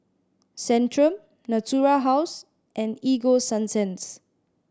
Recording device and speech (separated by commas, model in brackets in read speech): standing microphone (AKG C214), read sentence